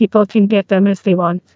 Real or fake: fake